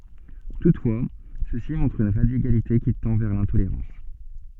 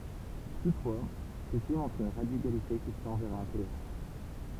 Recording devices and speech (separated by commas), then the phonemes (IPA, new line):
soft in-ear microphone, temple vibration pickup, read sentence
tutfwa sø si mɔ̃tʁt yn ʁadikalite ki tɑ̃ vɛʁ lɛ̃toleʁɑ̃s